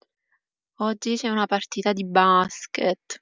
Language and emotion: Italian, disgusted